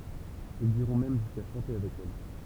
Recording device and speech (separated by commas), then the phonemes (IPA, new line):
temple vibration pickup, read sentence
ilz iʁɔ̃ mɛm ʒyska ʃɑ̃te avɛk ɛl